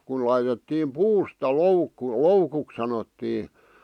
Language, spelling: Finnish, kun laitettiin puusta loukku loukuksi sanottiin
- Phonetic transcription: kun laitettiim "puusta "loukku , "loukuk sanottii .

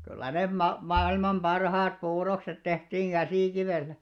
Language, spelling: Finnish, kyllä ne - maailman parhaat puurokset tehtiin käsikivellä
- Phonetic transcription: kyllä 'nem 'ma- , 'mailman 'ʙarhaat 'puurokset 'tehtiiŋ 'ɢäsìkivèllä .

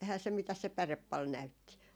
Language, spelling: Finnish, eihän se mitäs se päre paljon näytti
- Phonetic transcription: 'ehä se mitäs se "pärep pal 'näytti .

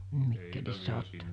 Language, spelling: Finnish, Mikkelissä olette
- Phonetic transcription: 'Mikkelissä otte .

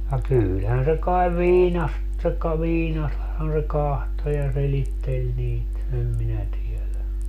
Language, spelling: Finnish, ja kyllähän se kai viina tai viinastahan se katsoi ja selitteli niitä en minä tiedä
- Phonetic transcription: ja 'kyylhän se kaev "viina , (taekka) 'viinasthan se "kahto ja 'selittel 'niit , em 'minä 'tielä .

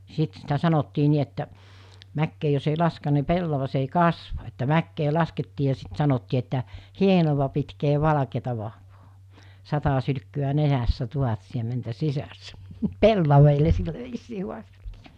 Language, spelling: Finnish, sitten sitä sanottiin niin että mäkeen jos ei laske niin pellavas ei kasva että mäkeä laskettiin ja sitten sanottiin että hienoa pitkiä valkeata vahvaa sata sylkkyä nenässä tuhat siementä sisässä pellaville sillä viisiin haasteltiin
- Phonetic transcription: 'sit sitä 'sanottii 'ni että , 'mäkkee jos ei 'laskeⁿᵃ ni 'pellavas ei 'kasva että 'mäkkee 'laskettii ja sit 'sanottii että , » "hienova pitkee 'valᵃkeeta vahvoo , 'sata sylkky₍ä 'nenässä 'tuhat siementä 'sisässä « , "pellaveele 'sillä viisii huaste(ltii) .

